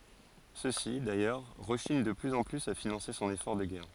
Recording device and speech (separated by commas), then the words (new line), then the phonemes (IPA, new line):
forehead accelerometer, read sentence
Ceux-ci, d'ailleurs, rechignent de plus en plus à financer son effort de guerre.
søksi dajœʁ ʁəʃiɲ də plyz ɑ̃ plyz a finɑ̃se sɔ̃n efɔʁ də ɡɛʁ